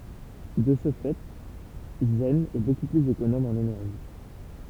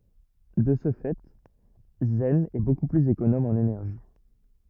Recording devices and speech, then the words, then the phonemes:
temple vibration pickup, rigid in-ear microphone, read sentence
De ce fait, Zen est beaucoup plus économe en énergie.
də sə fɛ zɛn ɛ boku plyz ekonom ɑ̃n enɛʁʒi

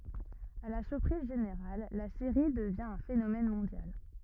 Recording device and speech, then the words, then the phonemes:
rigid in-ear microphone, read sentence
À la surprise générale, la série devient un phénomène mondial.
a la syʁpʁiz ʒeneʁal la seʁi dəvjɛ̃ œ̃ fenomɛn mɔ̃djal

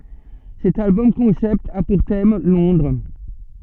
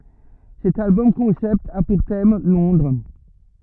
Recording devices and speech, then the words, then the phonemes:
soft in-ear microphone, rigid in-ear microphone, read sentence
Cet album-concept a pour thème Londres.
sɛt albɔm kɔ̃sɛpt a puʁ tɛm lɔ̃dʁ

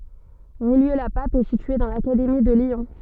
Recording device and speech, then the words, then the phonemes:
soft in-ear microphone, read sentence
Rillieux-la-Pape est située dans l'académie de Lyon.
ʁijjø la pap ɛ sitye dɑ̃ lakademi də ljɔ̃

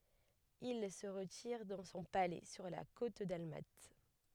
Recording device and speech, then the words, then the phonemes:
headset microphone, read sentence
Il se retire dans son palais sur la côte dalmate.
il sə ʁətiʁ dɑ̃ sɔ̃ palɛ syʁ la kot dalmat

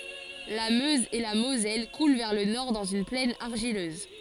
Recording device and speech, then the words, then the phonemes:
forehead accelerometer, read sentence
La Meuse et la Moselle coulent vers le nord dans une plaine argileuse.
la møz e la mozɛl kulɑ̃ vɛʁ lə nɔʁ dɑ̃z yn plɛn aʁʒiløz

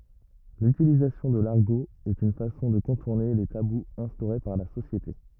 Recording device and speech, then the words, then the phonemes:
rigid in-ear microphone, read sentence
L'utilisation de l'argot est une façon de contourner les tabous instaurés par la société.
lytilizasjɔ̃ də laʁɡo ɛt yn fasɔ̃ də kɔ̃tuʁne le tabuz ɛ̃stoʁe paʁ la sosjete

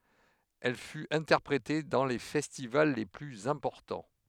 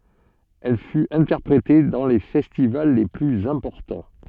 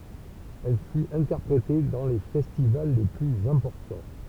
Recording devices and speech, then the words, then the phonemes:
headset microphone, soft in-ear microphone, temple vibration pickup, read sentence
Elle fut interprétée dans les festivals les plus importants.
ɛl fyt ɛ̃tɛʁpʁete dɑ̃ le fɛstival le plyz ɛ̃pɔʁtɑ̃

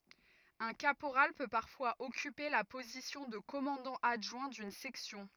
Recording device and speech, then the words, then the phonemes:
rigid in-ear microphone, read sentence
Un caporal peut parfois occuper la position de commandant adjoint d'une section.
œ̃ kapoʁal pø paʁfwaz ɔkype la pozisjɔ̃ də kɔmɑ̃dɑ̃ adʒwɛ̃ dyn sɛksjɔ̃

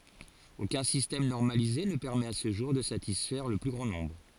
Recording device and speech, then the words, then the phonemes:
forehead accelerometer, read sentence
Aucun système normalisé ne permet à ce jour de satisfaire le plus grand nombre.
okœ̃ sistɛm nɔʁmalize nə pɛʁmɛt a sə ʒuʁ də satisfɛʁ lə ply ɡʁɑ̃ nɔ̃bʁ

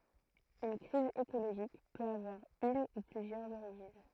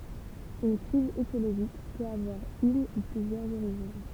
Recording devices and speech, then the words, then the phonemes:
throat microphone, temple vibration pickup, read sentence
Une crise écologique peut avoir une ou plusieurs origines.
yn kʁiz ekoloʒik pøt avwaʁ yn u plyzjœʁz oʁiʒin

